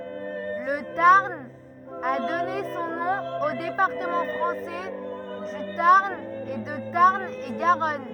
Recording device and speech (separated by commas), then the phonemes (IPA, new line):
rigid in-ear microphone, read sentence
lə taʁn a dɔne sɔ̃ nɔ̃ o depaʁtəmɑ̃ fʁɑ̃sɛ dy taʁn e də taʁn e ɡaʁɔn